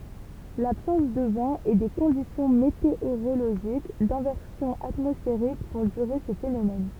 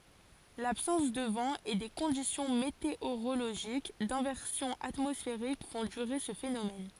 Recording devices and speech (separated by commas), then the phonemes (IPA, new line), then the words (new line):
temple vibration pickup, forehead accelerometer, read sentence
labsɑ̃s də vɑ̃ e de kɔ̃disjɔ̃ meteoʁoloʒik dɛ̃vɛʁsjɔ̃ atmɔsfeʁik fɔ̃ dyʁe sə fenomɛn
L'absence de vent et des conditions météorologiques d'inversion atmosphérique font durer ce phénomène.